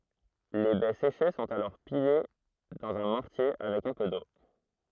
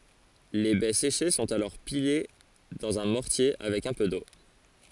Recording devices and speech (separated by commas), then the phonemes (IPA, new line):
throat microphone, forehead accelerometer, read sentence
le bɛ seʃe sɔ̃t alɔʁ pile dɑ̃z œ̃ mɔʁtje avɛk œ̃ pø do